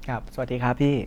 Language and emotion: Thai, neutral